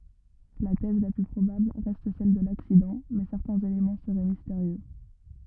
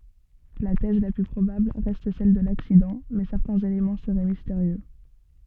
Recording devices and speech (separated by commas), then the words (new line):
rigid in-ear microphone, soft in-ear microphone, read sentence
La thèse la plus probable reste celle de l'accident, mais certains éléments seraient mystérieux.